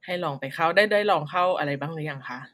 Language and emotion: Thai, neutral